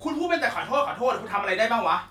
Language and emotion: Thai, angry